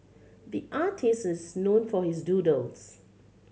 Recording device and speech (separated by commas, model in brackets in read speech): mobile phone (Samsung C7100), read sentence